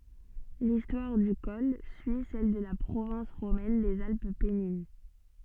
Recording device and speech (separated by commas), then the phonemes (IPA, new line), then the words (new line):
soft in-ear microphone, read sentence
listwaʁ dy kɔl syi sɛl də la pʁovɛ̃s ʁomɛn dez alp pɛnin
L'histoire du col suit celle de la province romaine des Alpes pennines.